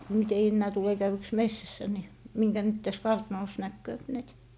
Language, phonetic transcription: Finnish, nyt ‿ei 'ennää tule käywyks "messässä ni , miŋkä nyt täs "kartnòs 'näkkööp näit .
- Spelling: nyt ei enää tule käydyksi metsässä niin minkä nyt tässä kartanossa näkee näitä

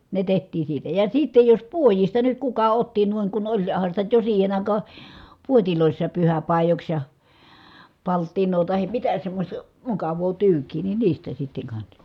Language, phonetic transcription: Finnish, ne teht̀iin̬ siitä ja siittej jos puojista nyt kuka otti nuiŋ ku oĺ- , -han̬ sitä jo siihen ‿àikaa , puotilòissaap pyhäpàijoks ja , palttiǹoo tahim mitä semmośta , mukav̀oo tyyk̀ii ni niistä sitteŋ kansa .
- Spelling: ne tehtiin siitä ja sitten jos puodista nyt kuka otti noin kun - olihan sitä jo siihen aikaan puodeissakin pyhäpaidoiksi ja palttinaa tai mitä semmoista mukavaa tyykiä niin niistä sitten kanssa

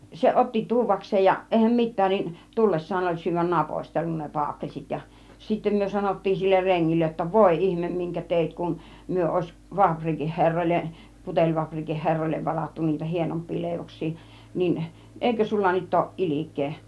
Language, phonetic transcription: Finnish, 'se 'ˀotti "tuuv̆vaks̆seej ja , 'ˀèihäm 'mit̆tään nin , "tullessaan oĺ 'syyvvän "napostellun ne 'paakkels̀it ja , sittem myö 'sanottiin siller 'reŋŋillej jotta , » "vòi "ihmem miŋkä 'tèit kun , 'myö òis , 'vaaprikih 'herroil̆len , 'puteĺvaaprikin 'herroillev varattu niitä 'hienomp̆pii 'lèivoks̆sii niin , 'èikö sulla 'nyt ooˀ "ˀilik̆kee « .
- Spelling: se otti tuodakseen ja eihän mitään niin tullessaan oli syödä napostellut ne paakelssit ja sitten me sanottiin sille rengille jotta voi ihme minkä teit kun me olisi fapriikin herroille putelifapriikin herroille varattu niitä hienompia leivoksia niin eikö sinulla nyt ole ilkeä

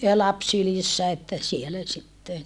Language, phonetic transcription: Finnish, ja laps sylissä että , sielä sitten .
- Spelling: ja lapsi sylissä että siellä sitten

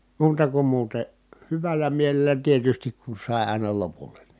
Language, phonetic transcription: Finnish, muuta kum muute , hyväl̆lä mielel̆lä tietystik ku sài̮ ài̮na lopul̀E NI .
- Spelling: muuta kuin muuten hyvällä mielellä tietysti kun sai aina lopulle niin

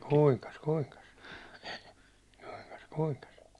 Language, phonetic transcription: Finnish, kuiŋkas "kuiŋkas , kuiŋkas kuiŋkas .
- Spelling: kuinkas kuinkas kuinkas kuinkas

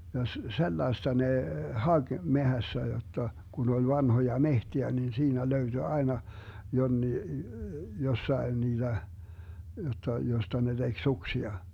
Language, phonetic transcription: Finnish, ja 'sellaesta nè , "haG 'mehässä jotta , 'kun ‿ol 'vanhoja "mehtiä nin 'siinä 'löyDy aena , 'jonnii , 'jossaen niiDä , jotta , josta ne 'DeG "suksia .
- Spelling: ja sellaista ne haki metsässä jotta kun oli vanhoja metsiä niin siinä löytyi aina jonkin jossakin niitä jotta josta ne teki suksia

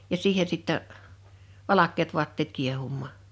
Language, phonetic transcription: Finnish, ja "siihe sittɛ , 'valak̆keet 'vuatteet 'kiehummaa .
- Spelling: ja siihen sitten valkeat vaatteet kiehumaan

